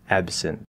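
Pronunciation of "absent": In 'absent', the b comes before an s, and when the b is released it has a little bit of a p sound.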